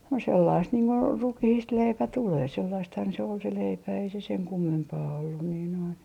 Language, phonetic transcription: Finnish, no 'sellaist niiŋ ko , 'rukihiist "leipä 'tulee 'sellaisthan se ol se 'leipä ei se seŋ 'kummempaa ollun nii noin ,.
- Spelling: no sellaista niin kuin rukiista leipä tulee sellaistahan se oli se leipä ei se sen kummempaa ollut niin noin

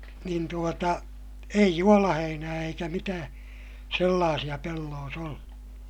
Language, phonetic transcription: Finnish, niin tuota , ei juolaheinää eikä mitää , sellaasiʲa pelloos ‿ollu .
- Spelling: niin tuota ei juolaheinää eikä mitään sellaisia pelloissa ollut

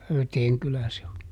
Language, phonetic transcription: Finnish, ˈHöyteeŋ "kylä se o .
- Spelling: Höyteen kylä se on

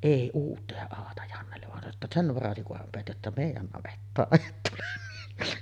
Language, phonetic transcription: Finnish, 'èi uutᵗ ‿èi aata Jannellev van sano ‿tta » "sen̳§ 'varasi kuham peät jotta 'mèij̆jän navettaaˀ 'ˀet tule .
- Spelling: ei uuta ei aata Jannelle vaan sanoi jotta sen varasi kunhan pidät jotta meidän navettaan et tule

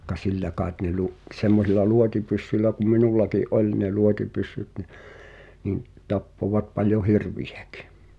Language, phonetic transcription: Finnish, ka- "sillä kàet ne lu’- , 'semmosil̆la "luotipyssyĺlä ku 'minullaki’ "’oĺ ne 'luotipyssyt ni , nin̆ , 'tappovat paljo "hirv̳̀iᴊᴀ̈kɪ .
- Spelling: - sillä kai ne - semmoisilla luotipyssyillä kun minullakin oli ne luotipyssyt niin niin tappoivat paljon hirviäkin

